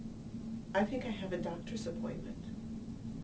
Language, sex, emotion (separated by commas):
English, female, neutral